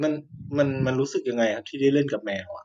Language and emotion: Thai, neutral